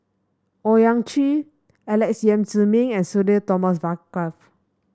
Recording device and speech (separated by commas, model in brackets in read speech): standing microphone (AKG C214), read sentence